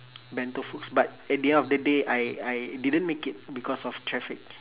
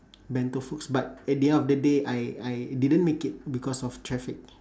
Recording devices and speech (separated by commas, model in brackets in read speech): telephone, standing microphone, conversation in separate rooms